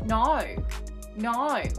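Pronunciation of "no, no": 'No' is said here in an Australian accent, with a vowel that moves through more than two vowel sounds.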